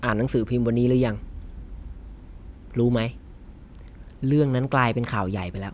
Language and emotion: Thai, neutral